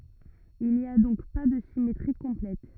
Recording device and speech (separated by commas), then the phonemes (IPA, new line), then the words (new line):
rigid in-ear microphone, read sentence
il ni a dɔ̃k pa də simetʁi kɔ̃plɛt
Il n’y a donc pas de symétrie complète.